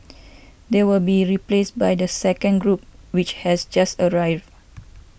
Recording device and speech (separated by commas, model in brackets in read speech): boundary microphone (BM630), read sentence